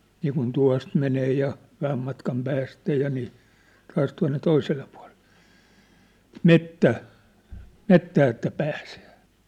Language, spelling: Finnish, niin kuin tuosta menee ja vähän matkan päästä ja niin taas tuonne toiselle puolelle metsän metsään että pääsee
- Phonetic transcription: niikun 'tua̭st menee ja , 'vähäm matkam 'päästä ja nii , 'taas tua̭nne 'toiselle pua̭leʟʟᴇ , "mettä̀ "mettää että 'pääsᴇᴇ .

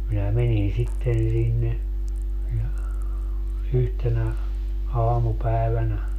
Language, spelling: Finnish, minä menin sitten sinne ja yhtenä aamupäivänä
- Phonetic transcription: minä 'menin 'sitten sinne , ja , 'yhtenä , 'aamupä̀evänä .

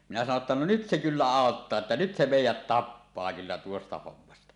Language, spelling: Finnish, minä sanoin että no nyt se kyllä auttaa että nyt se meidät tappaa kyllä tuosta hommasta
- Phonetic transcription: minä sano 'ᵉttä » 'no "nyt se 'kyllä "àottaa että nyt se 'mèijät "tappaa 'kyllä tuosta 'hommasta « .

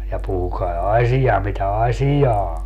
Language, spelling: Finnish, ja puhukaa asia mitä asiaa on
- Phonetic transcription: ja 'puhukai "asija mitä "asijaa 'o .

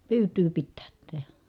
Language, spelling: Finnish, pyytöä pitää tehdä
- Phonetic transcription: pyyt̀yy pittäät (tehä) .

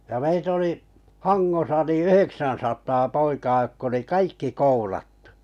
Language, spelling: Finnish, ja meitä oli Hangossa niin yhdeksänsataa poikaa jotka oli kaikki koulattu
- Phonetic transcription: ja 'mei't ‿oli , "Haŋŋosa ni "yheksän̬sat̀aa 'poikaa jokk ‿oli "kaikki koulattᴜ .

